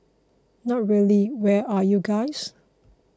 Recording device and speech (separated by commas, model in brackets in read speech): close-talking microphone (WH20), read sentence